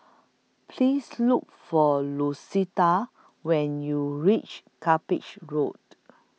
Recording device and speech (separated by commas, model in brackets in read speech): mobile phone (iPhone 6), read sentence